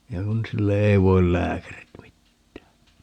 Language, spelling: Finnish, ja kun sille ei voi lääkärit mitään
- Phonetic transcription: (ja 'kun) sille "ei voil 'lääkärit 'mittää .

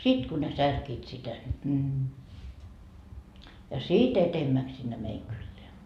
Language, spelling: Finnish, sitten kun ne särkivät sitä niin ja sitten edemmäksi sinne meidän kylään
- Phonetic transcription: 'sit ku ne 'särkiit sitä ńi , ja "si't ‿etemmäks sinne 'meiŋ 'kylleä .

